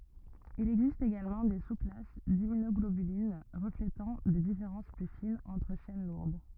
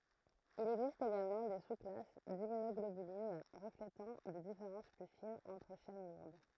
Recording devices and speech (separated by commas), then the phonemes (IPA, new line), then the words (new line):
rigid in-ear microphone, throat microphone, read sentence
il ɛɡzist eɡalmɑ̃ de susklas dimmynɔɡlobylin ʁəfletɑ̃ de difeʁɑ̃s ply finz ɑ̃tʁ ʃɛn luʁd
Il existe également des sous-classes d'immunoglobulines, reflétant des différences plus fines entre chaînes lourdes.